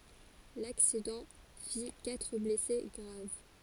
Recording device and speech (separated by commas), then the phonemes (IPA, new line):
forehead accelerometer, read sentence
laksidɑ̃ fi katʁ blɛse ɡʁav